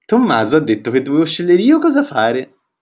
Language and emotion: Italian, happy